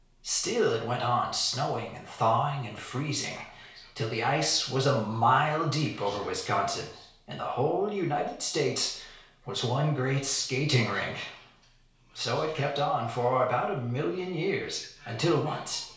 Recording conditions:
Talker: one person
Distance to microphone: 1.0 m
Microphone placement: close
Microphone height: 1.1 m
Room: small (3.7 m by 2.7 m)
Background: television

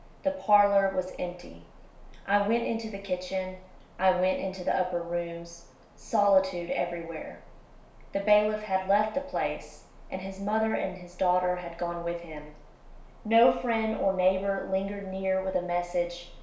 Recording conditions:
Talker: one person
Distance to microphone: 1.0 m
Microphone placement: close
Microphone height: 1.1 m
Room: small (3.7 m by 2.7 m)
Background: none

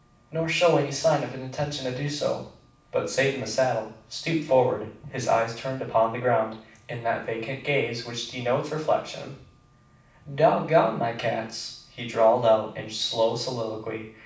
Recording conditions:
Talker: one person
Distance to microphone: 5.8 m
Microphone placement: far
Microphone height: 1.8 m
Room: medium-sized (5.7 m by 4.0 m)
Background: none

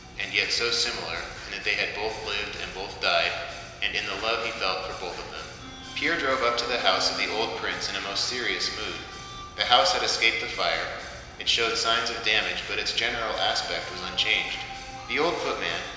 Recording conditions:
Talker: one person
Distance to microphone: 1.7 m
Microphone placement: close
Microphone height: 1.0 m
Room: very reverberant, large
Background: music

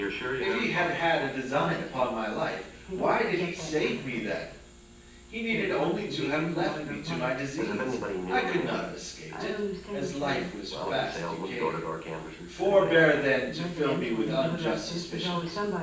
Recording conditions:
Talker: one person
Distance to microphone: 9.8 m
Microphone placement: far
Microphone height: 1.8 m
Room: large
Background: television

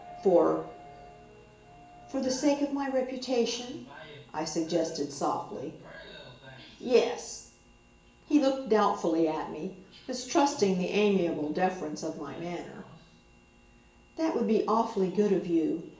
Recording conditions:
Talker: one person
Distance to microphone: 1.8 m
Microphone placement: close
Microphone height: 1.0 m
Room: large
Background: television

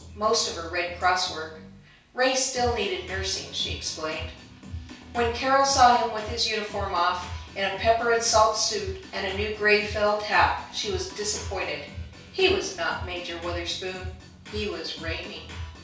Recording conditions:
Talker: one person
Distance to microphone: 3.0 m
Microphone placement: far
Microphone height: 1.8 m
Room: small (3.7 m by 2.7 m)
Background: music

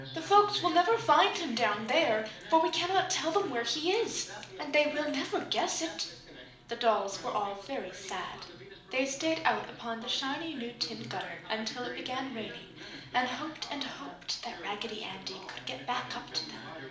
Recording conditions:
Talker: one person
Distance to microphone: 2.0 m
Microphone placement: close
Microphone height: 99 cm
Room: medium-sized (5.7 m by 4.0 m)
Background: television

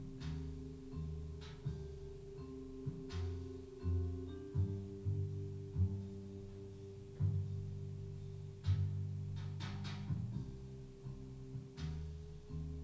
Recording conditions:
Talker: no one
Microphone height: 1.1 m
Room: small (3.7 m by 2.7 m)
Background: music

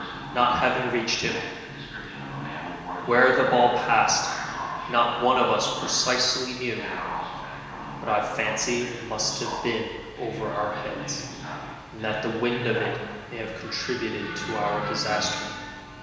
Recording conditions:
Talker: one person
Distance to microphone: 1.7 m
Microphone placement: close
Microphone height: 1.0 m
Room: very reverberant, large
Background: television

